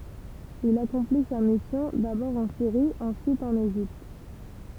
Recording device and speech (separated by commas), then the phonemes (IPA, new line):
temple vibration pickup, read sentence
il akɔ̃pli sa misjɔ̃ dabɔʁ ɑ̃ siʁi ɑ̃syit ɑ̃n eʒipt